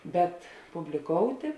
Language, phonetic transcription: Lithuanian, ˈbet publiˈkoutė

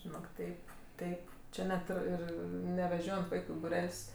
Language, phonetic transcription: Lithuanian, žiˈnok ˈteip ˈteip ˈči net ˈir ˈir neveˈžiojant ˈvaiku i buˈrel's'

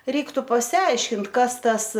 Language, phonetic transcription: Lithuanian, ˈreiktu pasiˈaiškint ˈkas ˈtas

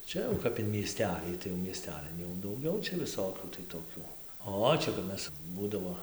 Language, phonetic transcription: Lithuanian, ˈčia jau ˈkap in mieˈstelį tai jau mieˈstelin jau dauˈgiau čia viˈsokių tai toˈkių ˈo ˈčia kap ˈmes ˈbūdavo

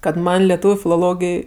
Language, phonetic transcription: Lithuanian, kad ˈman' leˈtūviu filoˈlogij

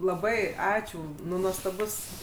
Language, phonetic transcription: Lithuanian, laˈbai ˈačiū ˈnu nuostaˈbus

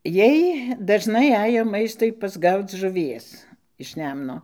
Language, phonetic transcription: Lithuanian, ˈjiej dažˈnai ˈajo ˈmaistui pasˈgauc žuˈvies iš ˈnemno

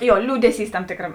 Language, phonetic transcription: Lithuanian, ˈjo ˈliūdeˌsys ˈtam ˈtėkram

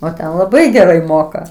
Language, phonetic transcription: Lithuanian, o ˈten laˈbai geˈrai ˈmoka

